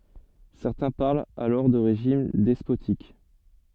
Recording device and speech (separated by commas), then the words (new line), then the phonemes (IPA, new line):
soft in-ear microphone, read sentence
Certains parlent alors de régime despotique.
sɛʁtɛ̃ paʁlt alɔʁ də ʁeʒim dɛspotik